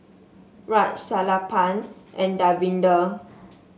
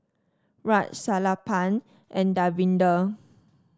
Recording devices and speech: mobile phone (Samsung S8), standing microphone (AKG C214), read sentence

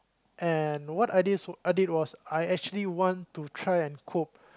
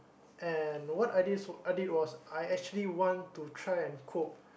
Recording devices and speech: close-talking microphone, boundary microphone, conversation in the same room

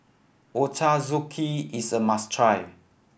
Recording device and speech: boundary microphone (BM630), read sentence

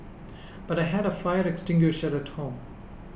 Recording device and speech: boundary microphone (BM630), read sentence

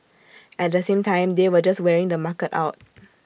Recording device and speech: boundary microphone (BM630), read sentence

